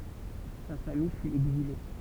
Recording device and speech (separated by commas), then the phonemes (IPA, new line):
temple vibration pickup, read sentence
sa famij fy ɛɡzile